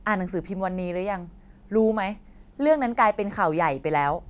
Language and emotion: Thai, frustrated